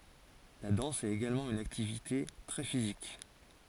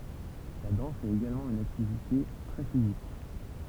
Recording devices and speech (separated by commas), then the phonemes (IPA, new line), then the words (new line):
forehead accelerometer, temple vibration pickup, read sentence
la dɑ̃s ɛt eɡalmɑ̃ yn aktivite tʁɛ fizik
La danse est également une activité très physique.